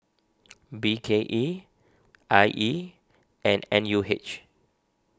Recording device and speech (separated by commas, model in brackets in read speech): standing microphone (AKG C214), read sentence